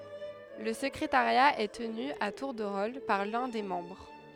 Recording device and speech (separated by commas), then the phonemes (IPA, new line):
headset microphone, read sentence
lə səkʁetaʁja ɛ təny a tuʁ də ʁol paʁ lœ̃ de mɑ̃bʁ